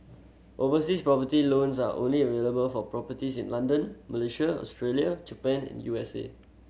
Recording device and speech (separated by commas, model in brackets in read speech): mobile phone (Samsung C7100), read sentence